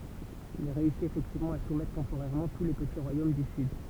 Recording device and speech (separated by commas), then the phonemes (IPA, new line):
temple vibration pickup, read sentence
il ʁeysit efɛktivmɑ̃ a sumɛtʁ tɑ̃poʁɛʁmɑ̃ tu le pəti ʁwajom dy syd